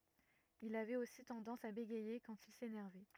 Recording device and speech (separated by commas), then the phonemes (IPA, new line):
rigid in-ear microphone, read sentence
il avɛt osi tɑ̃dɑ̃s a beɡɛje kɑ̃t il senɛʁvɛ